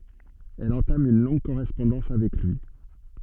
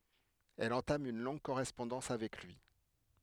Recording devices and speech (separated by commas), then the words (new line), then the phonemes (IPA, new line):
soft in-ear microphone, headset microphone, read sentence
Elle entame une longue correspondance avec lui.
ɛl ɑ̃tam yn lɔ̃ɡ koʁɛspɔ̃dɑ̃s avɛk lyi